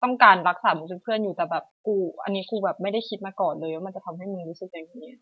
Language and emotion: Thai, frustrated